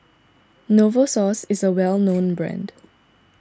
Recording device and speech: standing microphone (AKG C214), read sentence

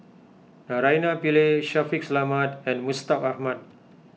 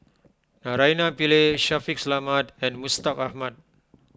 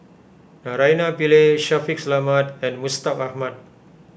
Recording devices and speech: mobile phone (iPhone 6), close-talking microphone (WH20), boundary microphone (BM630), read sentence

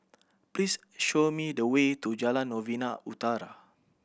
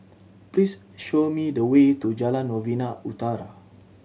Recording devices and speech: boundary microphone (BM630), mobile phone (Samsung C7100), read sentence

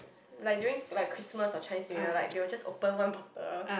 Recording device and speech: boundary microphone, conversation in the same room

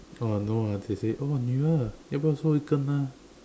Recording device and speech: standing microphone, conversation in separate rooms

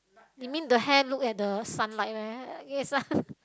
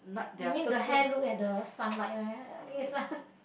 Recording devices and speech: close-talking microphone, boundary microphone, conversation in the same room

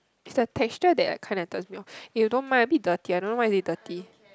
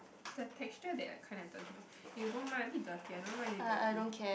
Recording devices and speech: close-talking microphone, boundary microphone, conversation in the same room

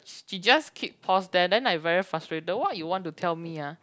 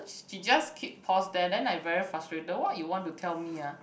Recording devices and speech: close-talking microphone, boundary microphone, conversation in the same room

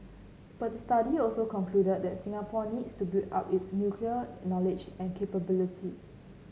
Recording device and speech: mobile phone (Samsung C9), read sentence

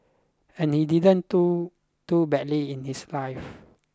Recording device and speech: close-talking microphone (WH20), read sentence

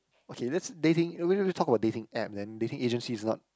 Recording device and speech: close-talking microphone, conversation in the same room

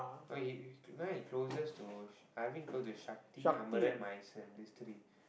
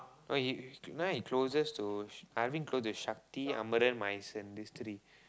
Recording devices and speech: boundary microphone, close-talking microphone, conversation in the same room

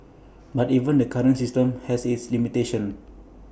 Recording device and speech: boundary microphone (BM630), read sentence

